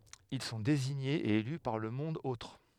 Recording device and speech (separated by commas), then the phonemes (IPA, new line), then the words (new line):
headset microphone, read sentence
il sɔ̃ deziɲez e ely paʁ lə mɔ̃d otʁ
Ils sont désignés et élus par le monde-autre.